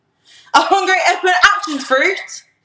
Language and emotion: English, angry